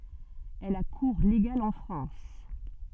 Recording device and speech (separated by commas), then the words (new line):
soft in-ear microphone, read sentence
Elle a cours légal en France.